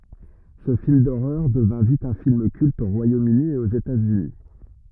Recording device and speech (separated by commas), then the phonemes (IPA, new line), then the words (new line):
rigid in-ear microphone, read sentence
sə film doʁœʁ dəvɛ̃ vit œ̃ film kylt o ʁwajomøni e oz etatsyni
Ce film d'horreur devint vite un film culte au Royaume-Uni et aux États-Unis.